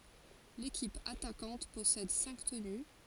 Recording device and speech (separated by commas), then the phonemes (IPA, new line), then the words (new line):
forehead accelerometer, read sentence
lekip atakɑ̃t pɔsɛd sɛ̃k təny
L'équipe attaquante possède cinq tenus.